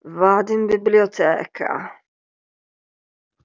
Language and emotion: Italian, disgusted